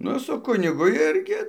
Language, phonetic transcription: Lithuanian, ˈnu su ˈkunigu ˈirgi

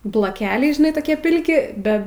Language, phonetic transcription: Lithuanian, bloˈkeliai žiˈnai toˈkie ˈpilki ˈbe

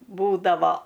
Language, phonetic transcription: Lithuanian, ˈbūdavo

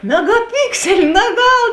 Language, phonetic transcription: Lithuanian, megaˈpikseli naˈgal

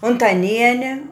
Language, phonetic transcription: Lithuanian, untaˈniene

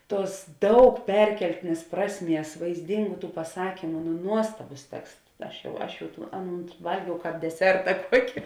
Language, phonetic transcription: Lithuanian, ˈtuos ˈdaug ˈperkeltinės ˈprasˌmies vaizˈdingu paˈsakymu nu ˈnuostabus ˈteksts ˈaš jau ˈaš jau tų ˈaˌnūn ˈvalgiau ˈkāp deˈserta ˈkuoki

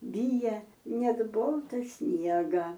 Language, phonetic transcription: Lithuanian, ˈbyja ˈnet ˈbolta ˈsniega

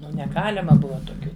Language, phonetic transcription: Lithuanian, ˈnu neˈgalima ˈbuva toˈkių

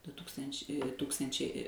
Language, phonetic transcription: Lithuanian, du ˈtūkstanč' ˈtūkstančiai

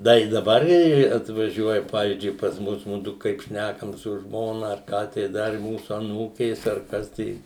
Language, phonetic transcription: Lithuanian, ˈda i daˈbar i atvaˈžiuoja ˈpavyzdžiui pas ˈmus ˈmudu kaip ˈšnækam su ˈžmona ar ˈką tai ˈdar i ˈmūsu aˈnūkės ar ˈkas tai

